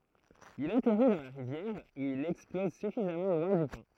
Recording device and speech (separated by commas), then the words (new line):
throat microphone, read sentence
Il atterrit dans la rivière où il explose suffisamment loin du pont.